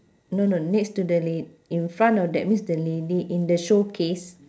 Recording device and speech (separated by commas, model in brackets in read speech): standing microphone, conversation in separate rooms